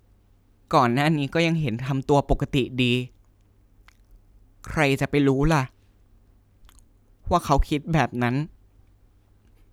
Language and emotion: Thai, sad